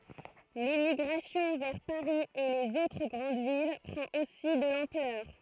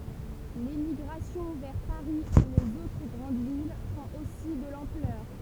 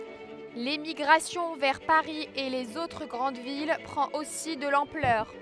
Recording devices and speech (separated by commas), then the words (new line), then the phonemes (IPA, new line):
throat microphone, temple vibration pickup, headset microphone, read sentence
L'émigration vers Paris et les autres grandes villes prend aussi de l'ampleur.
lemiɡʁasjɔ̃ vɛʁ paʁi e lez otʁ ɡʁɑ̃d vil pʁɑ̃t osi də lɑ̃plœʁ